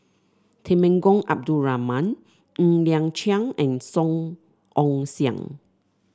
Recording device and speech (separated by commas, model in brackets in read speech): standing microphone (AKG C214), read sentence